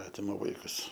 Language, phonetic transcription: Lithuanian, ˈatima ˈvaikus

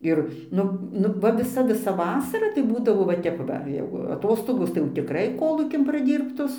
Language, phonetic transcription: Lithuanian, ˈir ˈnu ˈnu va viˈsa viˈsa ˈvasara tai ˈbūdavo va ˈtep va jeigu aˈtostogos tai jau tikˈrai ˈkolūkin praˈdyrbtos

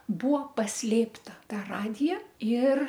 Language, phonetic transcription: Lithuanian, ˈbūvo pasˈlėpta ˈta ˈradija ir

